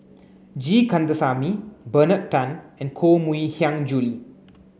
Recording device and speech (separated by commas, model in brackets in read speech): mobile phone (Samsung C9), read sentence